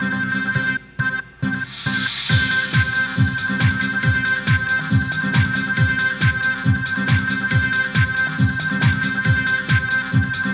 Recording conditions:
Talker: no one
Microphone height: 1.1 m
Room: very reverberant, large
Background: music

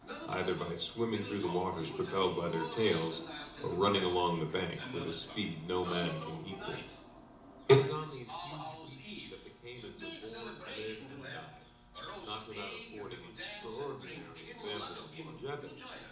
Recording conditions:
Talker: one person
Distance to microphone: 2.0 m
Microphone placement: close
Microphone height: 99 cm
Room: medium-sized (5.7 m by 4.0 m)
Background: television

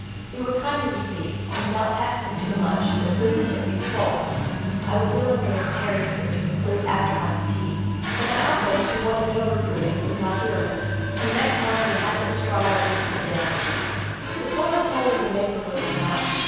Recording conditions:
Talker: one person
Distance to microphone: 7.1 m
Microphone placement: far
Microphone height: 1.7 m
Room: very reverberant, large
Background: television

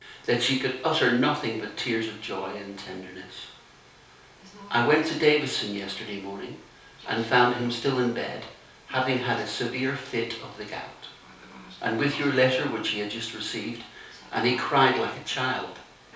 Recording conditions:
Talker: one person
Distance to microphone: 3.0 m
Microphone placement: far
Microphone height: 1.8 m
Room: small (3.7 m by 2.7 m)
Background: television

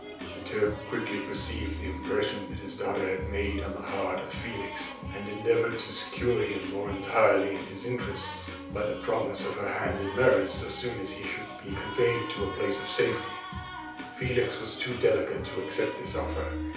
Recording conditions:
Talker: one person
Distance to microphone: 3.0 m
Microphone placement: far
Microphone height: 1.8 m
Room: small (3.7 m by 2.7 m)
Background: music

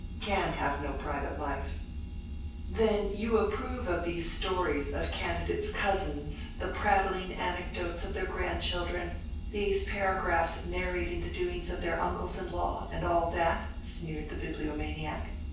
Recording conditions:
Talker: one person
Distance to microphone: 9.8 m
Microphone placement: far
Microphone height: 1.8 m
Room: large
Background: none

